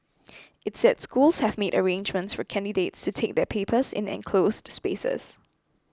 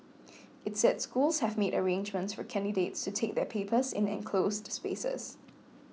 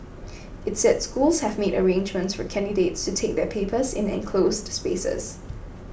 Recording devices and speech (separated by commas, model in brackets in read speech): close-talking microphone (WH20), mobile phone (iPhone 6), boundary microphone (BM630), read sentence